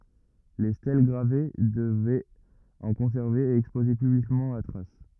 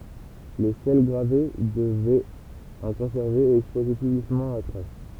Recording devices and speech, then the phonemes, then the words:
rigid in-ear microphone, temple vibration pickup, read sentence
le stɛl ɡʁave dəvɛt ɑ̃ kɔ̃sɛʁve e ɛkspoze pyblikmɑ̃ la tʁas
Les stèles gravées devaient en conserver et exposer publiquement la trace.

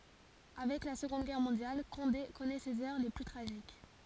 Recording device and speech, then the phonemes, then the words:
forehead accelerometer, read sentence
avɛk la səɡɔ̃d ɡɛʁ mɔ̃djal kɔ̃de kɔnɛ sez œʁ le ply tʁaʒik
Avec la Seconde Guerre mondiale, Condé connaît ses heures les plus tragiques.

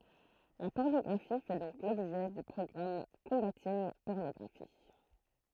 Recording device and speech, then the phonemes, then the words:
throat microphone, read sentence
la pɔʁnɔɡʁafi fɛ dɔ̃k lɔbʒɛ dy pʁɔɡʁam kɔ̃batinɡ pɔʁnɔɡʁafi
La pornographie fait donc l'objet du programme Combating Pornography.

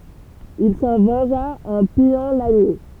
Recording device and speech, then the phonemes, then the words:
temple vibration pickup, read sentence
il sɑ̃ vɑ̃ʒa ɑ̃ pijɑ̃ laɲi
Il s'en vengea en pillant Lagny.

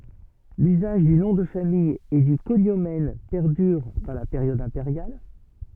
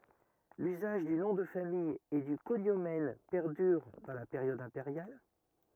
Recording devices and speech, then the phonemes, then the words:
soft in-ear microphone, rigid in-ear microphone, read sentence
lyzaʒ dy nɔ̃ də famij e dy koɲomɛn pɛʁdyʁ dɑ̃ la peʁjɔd ɛ̃peʁjal
L’usage du nom de famille et du cognomen perdure dans la période impériale.

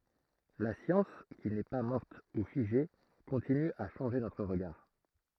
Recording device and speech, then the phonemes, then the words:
throat microphone, read sentence
la sjɑ̃s ki nɛ pa mɔʁt u fiʒe kɔ̃tiny a ʃɑ̃ʒe notʁ ʁəɡaʁ
La science qui n'est pas morte ou figée continue à changer notre regard.

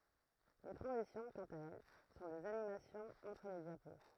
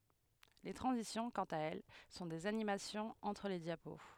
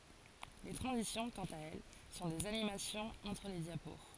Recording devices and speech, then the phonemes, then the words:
throat microphone, headset microphone, forehead accelerometer, read sentence
le tʁɑ̃zisjɔ̃ kɑ̃t a ɛl sɔ̃ dez animasjɔ̃z ɑ̃tʁ le djapo
Les transitions, quant à elles, sont des animations entre les diapos.

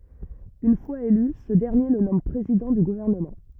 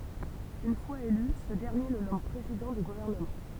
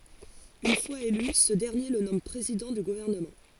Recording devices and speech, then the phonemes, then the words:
rigid in-ear microphone, temple vibration pickup, forehead accelerometer, read sentence
yn fwaz ely sə dɛʁnje lə nɔm pʁezidɑ̃ dy ɡuvɛʁnəmɑ̃
Une fois élu, ce dernier le nomme président du gouvernement.

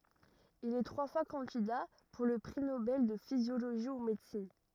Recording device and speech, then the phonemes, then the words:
rigid in-ear microphone, read sentence
il ɛ tʁwa fwa kɑ̃dida puʁ lə pʁi nobɛl də fizjoloʒi u medəsin
Il est trois fois candidat pour le prix Nobel de physiologie ou médecine.

